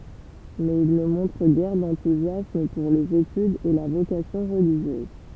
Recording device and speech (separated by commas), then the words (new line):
temple vibration pickup, read sentence
Mais il ne montre guère d’enthousiasme pour les études et la vocation religieuse.